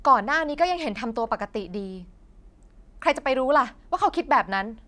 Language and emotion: Thai, angry